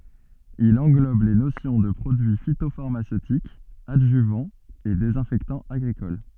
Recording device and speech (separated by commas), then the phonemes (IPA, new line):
soft in-ear microphone, read sentence
il ɑ̃ɡlɔb le nosjɔ̃ də pʁodyi fitofaʁmasøtik adʒyvɑ̃ e dezɛ̃fɛktɑ̃ aɡʁikɔl